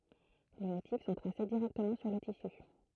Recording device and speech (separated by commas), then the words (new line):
throat microphone, read sentence
Les motifs sont tracés directement sur le tissu.